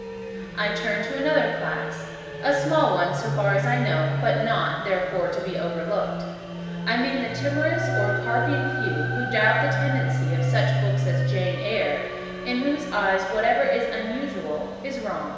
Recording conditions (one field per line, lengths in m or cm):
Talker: one person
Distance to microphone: 1.7 m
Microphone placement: close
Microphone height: 1.0 m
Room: very reverberant, large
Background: music